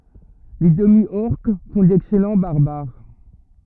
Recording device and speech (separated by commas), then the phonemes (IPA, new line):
rigid in-ear microphone, read sentence
le dəmi ɔʁk fɔ̃ dɛksɛlɑ̃ baʁbaʁ